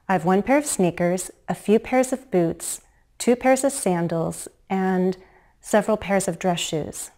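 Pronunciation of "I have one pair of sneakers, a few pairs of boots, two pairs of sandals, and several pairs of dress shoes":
The list is said with fall-rise intonation, and it sounds certain rather than hesitant.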